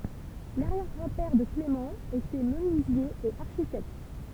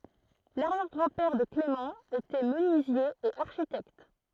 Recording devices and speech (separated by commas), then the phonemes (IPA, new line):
temple vibration pickup, throat microphone, read sentence
laʁjɛʁ ɡʁɑ̃ pɛʁ də klemɑ̃ etɛ mənyizje e aʁʃitɛkt